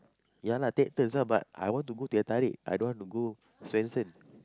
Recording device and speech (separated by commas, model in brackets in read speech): close-talking microphone, conversation in the same room